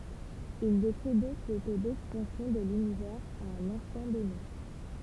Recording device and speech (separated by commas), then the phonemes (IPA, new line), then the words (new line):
temple vibration pickup, read sentence
il dekʁi dɔ̃k lə to dɛkspɑ̃sjɔ̃ də lynivɛʁz a œ̃n ɛ̃stɑ̃ dɔne
Il décrit donc le taux d'expansion de l'univers à un instant donné.